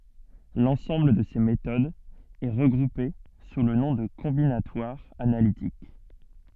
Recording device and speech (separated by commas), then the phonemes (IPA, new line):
soft in-ear microphone, read sentence
lɑ̃sɑ̃bl də se metodz ɛ ʁəɡʁupe su lə nɔ̃ də kɔ̃binatwaʁ analitik